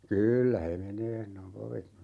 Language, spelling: Finnish, kyllä he menee sanoi papit
- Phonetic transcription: » "kyyllä he 'menee » sano ('papit) .

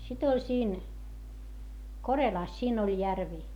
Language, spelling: Finnish, sitten oli siinä Korelassa siinä oli järvi
- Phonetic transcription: sit ‿oĺ siin , Korelàs siin ‿oĺ järvi .

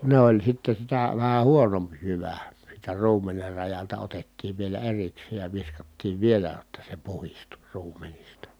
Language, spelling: Finnish, ne oli sitten sitä vähän huonompi jyvä siitä ruumenet rajalta otettiin vielä erikseen ja viskattiin vielä jotta se puhdistui ruumenista
- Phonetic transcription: ne ‿oĺ sitte sitä , vähä huonomp jyvä , siitä ruumener rajalta otettiiv vielä eriksee ja viskattiiv vielä [j]otta se puhistu ruumenista .

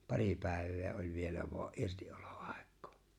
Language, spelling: Finnish, pari päivää oli vielä vain irtiolo aikaa
- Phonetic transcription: paŕi 'pä̀̀i̬v̆vee oĺ̀ 'vielä vo̭a’ '’irti’’ᴏʟᴏ’ ᴀ̀ᴇk̆k'ᴏᴏ̈ .

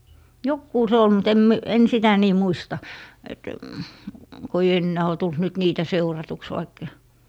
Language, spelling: Finnish, joku se oli mutta en - en sitä niin muista että kun ei enää ole tullut nyt niitä seuratuksi vaikka
- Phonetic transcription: "jokkuu se ol mut em 'mi- , en 'sitä nii "muista , et , ko ᵉi 'ennää o tult nyt "niitä 'seuratuks vaikkA ,.

